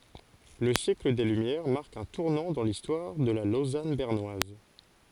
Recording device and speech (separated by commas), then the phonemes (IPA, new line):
forehead accelerometer, read sentence
lə sjɛkl de lymjɛʁ maʁk œ̃ tuʁnɑ̃ dɑ̃ listwaʁ də la lozan bɛʁnwaz